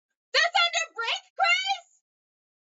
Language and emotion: English, surprised